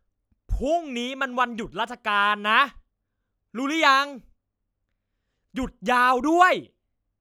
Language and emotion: Thai, angry